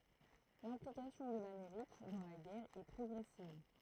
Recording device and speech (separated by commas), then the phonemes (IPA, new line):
throat microphone, read sentence
lɛ̃plikasjɔ̃ də lameʁik dɑ̃ la ɡɛʁ ɛ pʁɔɡʁɛsiv